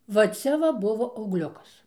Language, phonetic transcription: Lithuanian, va ˈcia va ˈbuvo augˈliukas

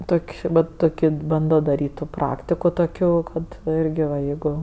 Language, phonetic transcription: Lithuanian, ˈtok' ˈvat ˈtokio ˈbando daˈryt' ˈtų ˈpraktiko toˈkio ˈkad irgi va ˈjeigu

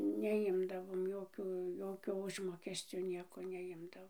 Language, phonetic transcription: Lithuanian, neˈjimdavom ˈjokiu ˈjokio ˈužmokescio ˈnieko neˈjimdavom

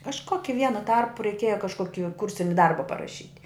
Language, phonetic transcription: Lithuanian, kažˈkoki ˈvienu ˈtarpu reiˈkieja kažˈkoki ˈkursini ˈdarba paraˈšyt'

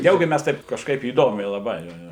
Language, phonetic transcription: Lithuanian, ˈniaugi ˈmes ˈtaip kažˈkaip įˈdomiai laˈbai ˈjo ˈjo

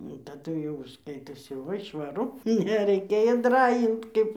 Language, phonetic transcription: Lithuanian, taˈdu jau ˈskaitosi ˈva i švaˈru nereiˈkėjo ˈdrajint ˈkaip

